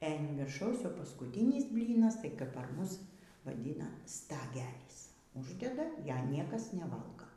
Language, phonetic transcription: Lithuanian, e an virˈšaus jau paskuˈtinis ˈblynas tai kap par ˈmus vaˈdyna staˈgelys ˈuždeda ˈjaˈniekas neˈvalgo

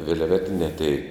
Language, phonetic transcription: Lithuanian, vilˈvetiniā tei

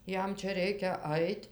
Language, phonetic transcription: Lithuanian, ˈjam ˈčia ˈreikia ˈait'

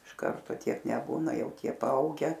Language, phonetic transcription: Lithuanian, iš ˈkarto ˈtiek neˈbūna ˈjau ˈtie paˈauge

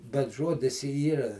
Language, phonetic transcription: Lithuanian, bet ˈžuodis i ˈyra

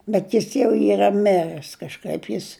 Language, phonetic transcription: Lithuanian, bet ˈjis jau ˈyra ˈmirɜs kažˈkaip ˈjis

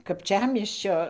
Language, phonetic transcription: Lithuanian, kapˈčiamiesčio

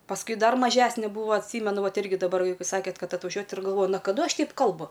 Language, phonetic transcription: Lithuanian, pasˈkui ˈdar maˈžesne ˈbūva atˈsymenu ˈvat ˈirgi daˈbar paˈsakėt ˈkad atvaˈžiuojat ir galˈvoju na kaˈdu ˈaš ˈteip ˈkalbu

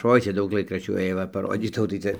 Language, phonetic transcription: Lithuanian, ˈoi ˈcia ˈdaug ˈlaikraščių ˈėjo va paˈrodytau tai ˈcia

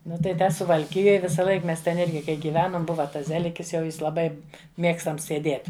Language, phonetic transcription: Lithuanian, ˈnu tai ˈte suvalˈkijoj visaˈlaik ˈmes ten ˈirgi kai gyˈvenom ˈbuva ˈtas ˈzelikis jau ˈjis laˈbai ˈmiegstams seˈdiet'

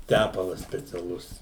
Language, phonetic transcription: Lithuanian, ˈtæpalas speciaˈlus

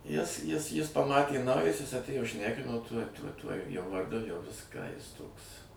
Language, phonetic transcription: Lithuanian, jis jis ˈjis paˈmatė nauˈjas ˈjis atˈėjo ˈšnekino tuoj tuoj ˈtuoj ˈjo varˈdu jau ˈviską ˈjis ˈtoks

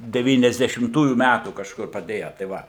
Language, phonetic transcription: Lithuanian, devyniasdešimˈtųjų ˈmætų kažˈkur paˈdėja tai ˈva

